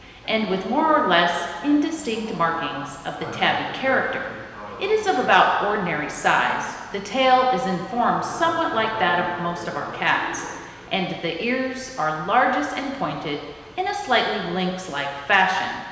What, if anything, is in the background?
A television.